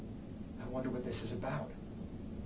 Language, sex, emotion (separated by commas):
English, male, fearful